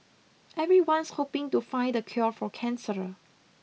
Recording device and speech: mobile phone (iPhone 6), read sentence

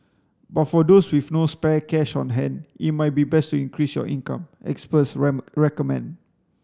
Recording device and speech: standing microphone (AKG C214), read sentence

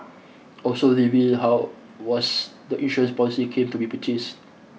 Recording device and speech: mobile phone (iPhone 6), read sentence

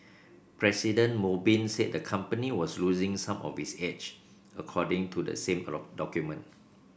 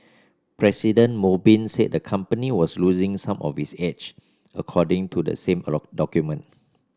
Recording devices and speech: boundary microphone (BM630), standing microphone (AKG C214), read sentence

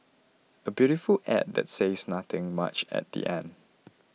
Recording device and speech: mobile phone (iPhone 6), read sentence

